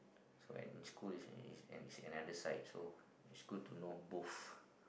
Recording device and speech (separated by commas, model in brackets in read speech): boundary microphone, conversation in the same room